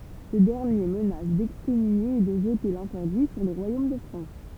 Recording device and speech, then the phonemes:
temple vibration pickup, read sentence
sə dɛʁnje mənas dɛkskɔmynje e də ʒəte lɛ̃tɛʁdi syʁ lə ʁwajom də fʁɑ̃s

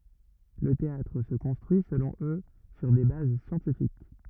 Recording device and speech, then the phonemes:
rigid in-ear microphone, read sentence
lə teatʁ sə kɔ̃stʁyi səlɔ̃ ø syʁ de baz sjɑ̃tifik

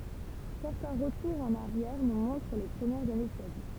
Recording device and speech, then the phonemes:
temple vibration pickup, read sentence
sɛʁtɛ̃ ʁətuʁz ɑ̃n aʁjɛʁ nu mɔ̃tʁ le pʁəmjɛʁz ane də sa vi

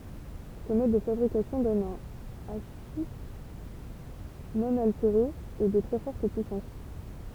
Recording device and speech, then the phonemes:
temple vibration pickup, read sentence
sə mɔd də fabʁikasjɔ̃ dɔn œ̃ aʃiʃ nɔ̃ alteʁe e də tʁɛ fɔʁt pyisɑ̃s

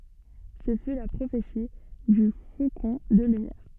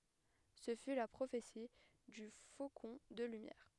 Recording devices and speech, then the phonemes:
soft in-ear microphone, headset microphone, read sentence
sə fy la pʁofeti dy fokɔ̃ də lymjɛʁ

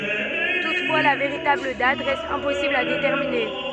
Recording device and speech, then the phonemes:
soft in-ear microphone, read sentence
tutfwa la veʁitabl dat ʁɛst ɛ̃pɔsibl a detɛʁmine

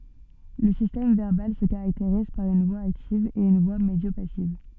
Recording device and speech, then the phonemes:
soft in-ear microphone, read sentence
lə sistɛm vɛʁbal sə kaʁakteʁiz paʁ yn vwa aktiv e yn vwa medjopasiv

